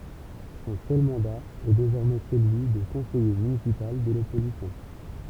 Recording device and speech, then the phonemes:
temple vibration pickup, read sentence
sɔ̃ sœl mɑ̃da ɛ dezɔʁmɛ səlyi də kɔ̃sɛje mynisipal də lɔpozisjɔ̃

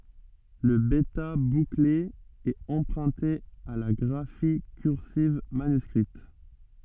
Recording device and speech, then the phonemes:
soft in-ear microphone, read sentence
lə bɛta bukle ɛt ɑ̃pʁœ̃te a la ɡʁafi kyʁsiv manyskʁit

